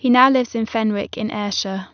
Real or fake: real